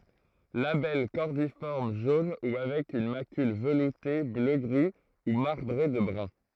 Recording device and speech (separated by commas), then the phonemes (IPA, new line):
throat microphone, read sentence
labɛl kɔʁdifɔʁm ʒon u avɛk yn makyl vəlute bløɡʁi u maʁbʁe də bʁœ̃